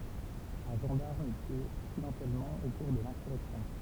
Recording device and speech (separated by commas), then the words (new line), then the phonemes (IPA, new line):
temple vibration pickup, read sentence
Un gendarme est tué accidentellement au cours de l’insurrection.
œ̃ ʒɑ̃daʁm ɛ tye aksidɑ̃tɛlmɑ̃ o kuʁ də lɛ̃syʁɛksjɔ̃